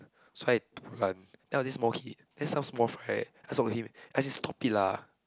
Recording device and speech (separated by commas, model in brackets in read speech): close-talking microphone, conversation in the same room